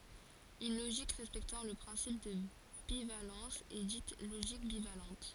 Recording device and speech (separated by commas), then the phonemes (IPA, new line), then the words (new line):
forehead accelerometer, read sentence
yn loʒik ʁɛspɛktɑ̃ lə pʁɛ̃sip də bivalɑ̃s ɛ dit loʒik bivalɑ̃t
Une logique respectant le principe de bivalence est dite logique bivalente.